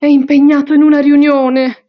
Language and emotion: Italian, fearful